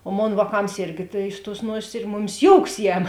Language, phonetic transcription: Lithuanian, o ˈmon vāˈkams ˈirgi tai iš tuos ˈnuosės ir ˈmuˌmis ˈjouks ˈjem

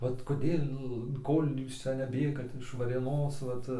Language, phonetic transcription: Lithuanian, ˈvat koˈdėl ˈkol' ˈjūs ˈcia neˈbėgat iš varėˈnos ˈvat

